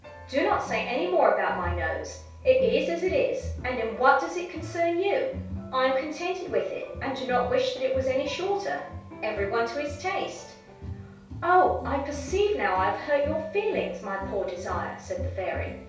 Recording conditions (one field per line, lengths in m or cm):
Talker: one person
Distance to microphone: 3.0 m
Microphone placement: far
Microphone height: 1.8 m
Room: small (3.7 m by 2.7 m)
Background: music